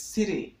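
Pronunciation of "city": In 'city', the t sounds like a d.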